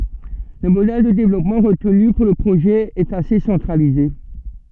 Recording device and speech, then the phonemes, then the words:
soft in-ear microphone, read sentence
lə modɛl də devlɔpmɑ̃ ʁətny puʁ lə pʁoʒɛ ɛt ase sɑ̃tʁalize
Le modèle de développement retenu pour le projet est assez centralisé.

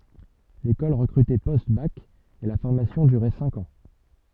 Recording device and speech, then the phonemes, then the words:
soft in-ear microphone, read sentence
lekɔl ʁəkʁytɛ postbak e la fɔʁmasjɔ̃ dyʁɛ sɛ̃k ɑ̃
L'école recrutait post-bac et la formation durait cinq ans.

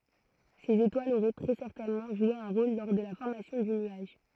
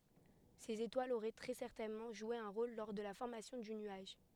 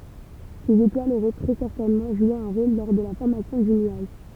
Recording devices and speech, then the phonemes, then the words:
throat microphone, headset microphone, temple vibration pickup, read sentence
sez etwalz oʁɛ tʁɛ sɛʁtɛnmɑ̃ ʒwe œ̃ ʁol lɔʁ də la fɔʁmasjɔ̃ dy nyaʒ
Ces étoiles auraient très certainement joué un rôle lors de la formation du nuage.

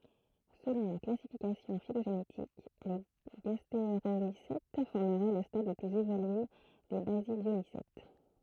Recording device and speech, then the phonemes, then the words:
throat microphone, read sentence
səlɔ̃ la klasifikasjɔ̃ filoʒenetik le ɡasteʁomisɛt fɔʁməʁɛ lə stad lə plyz evolye de bazidjomisɛt
Selon la classification phylogénétique, les gastéromycètes formeraient le stade le plus évolué des basidiomycètes.

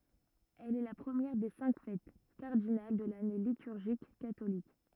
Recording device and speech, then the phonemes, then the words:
rigid in-ear microphone, read sentence
ɛl ɛ la pʁəmjɛʁ de sɛ̃k fɛt kaʁdinal də lane lityʁʒik katolik
Elle est la première des cinq fêtes cardinales de l'année liturgique catholique.

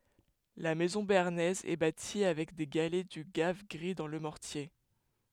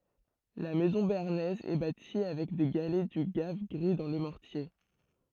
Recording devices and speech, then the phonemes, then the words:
headset microphone, throat microphone, read sentence
la mɛzɔ̃ beaʁnɛz ɛ bati avɛk de ɡalɛ dy ɡav ɡʁi dɑ̃ lə mɔʁtje
La maison béarnaise est bâtie avec des galets du gave gris dans le mortier.

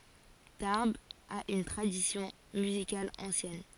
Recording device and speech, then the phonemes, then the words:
forehead accelerometer, read sentence
taʁbz a yn tʁadisjɔ̃ myzikal ɑ̃sjɛn
Tarbes a une tradition musicale ancienne.

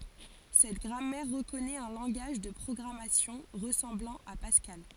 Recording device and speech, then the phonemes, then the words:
forehead accelerometer, read sentence
sɛt ɡʁamɛʁ ʁəkɔnɛt œ̃ lɑ̃ɡaʒ də pʁɔɡʁamasjɔ̃ ʁəsɑ̃blɑ̃ a paskal
Cette grammaire reconnaît un langage de programmation ressemblant à Pascal.

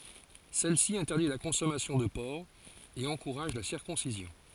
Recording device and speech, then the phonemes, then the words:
forehead accelerometer, read sentence
sɛlsi ɛ̃tɛʁdi la kɔ̃sɔmasjɔ̃ də pɔʁk e ɑ̃kuʁaʒ la siʁkɔ̃sizjɔ̃
Celle-ci interdit la consommation de porc, et encourage la circoncision.

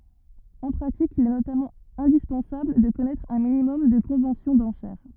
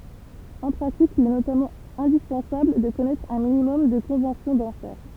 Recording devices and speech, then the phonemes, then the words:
rigid in-ear microphone, temple vibration pickup, read sentence
ɑ̃ pʁatik il ɛ notamɑ̃ ɛ̃dispɑ̃sabl də kɔnɛtʁ œ̃ minimɔm də kɔ̃vɑ̃sjɔ̃ dɑ̃ʃɛʁ
En pratique, il est notamment indispensable de connaître un minimum de conventions d'enchères.

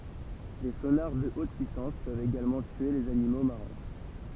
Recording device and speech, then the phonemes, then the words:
temple vibration pickup, read sentence
de sonaʁ də ot pyisɑ̃s pøvt eɡalmɑ̃ tye lez animo maʁɛ̃
Des sonars de haute puissance peuvent également tuer les animaux marins.

